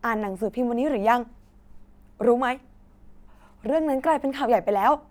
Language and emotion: Thai, frustrated